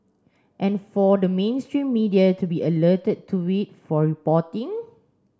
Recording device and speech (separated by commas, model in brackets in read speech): standing microphone (AKG C214), read sentence